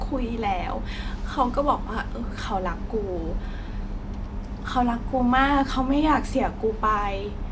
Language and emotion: Thai, sad